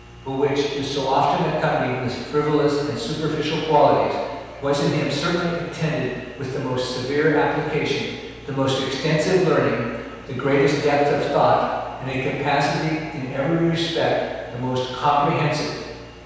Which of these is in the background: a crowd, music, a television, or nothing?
Nothing.